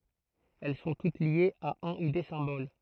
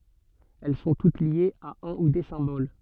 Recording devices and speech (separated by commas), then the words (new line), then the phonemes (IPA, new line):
throat microphone, soft in-ear microphone, read sentence
Elles sont toutes liées à un ou des symboles.
ɛl sɔ̃ tut ljez a œ̃ u de sɛ̃bol